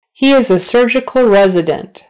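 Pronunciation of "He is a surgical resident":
'He is a surgical resident' is said slowly, not at a natural speed.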